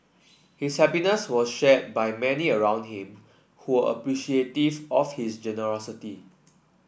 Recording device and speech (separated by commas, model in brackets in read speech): boundary microphone (BM630), read sentence